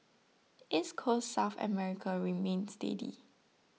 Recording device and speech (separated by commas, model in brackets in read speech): mobile phone (iPhone 6), read sentence